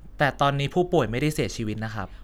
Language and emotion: Thai, neutral